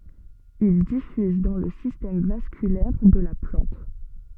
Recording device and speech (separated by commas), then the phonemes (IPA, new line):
soft in-ear microphone, read sentence
il difyz dɑ̃ lə sistɛm vaskylɛʁ də la plɑ̃t